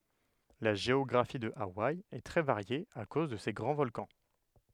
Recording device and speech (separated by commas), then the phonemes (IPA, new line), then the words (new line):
headset microphone, read sentence
la ʒeɔɡʁafi də awaj ɛ tʁɛ vaʁje a koz də se ɡʁɑ̃ vɔlkɑ̃
La géographie de Hawaï est très variée à cause de ses grands volcans.